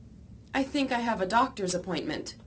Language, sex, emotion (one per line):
English
female
neutral